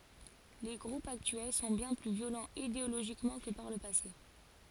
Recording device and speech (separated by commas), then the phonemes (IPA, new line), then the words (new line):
forehead accelerometer, read sentence
le ɡʁupz aktyɛl sɔ̃ bjɛ̃ ply vjolɑ̃z ideoloʒikmɑ̃ kə paʁ lə pase
Les groupes actuels sont bien plus violents idéologiquement que par le passé.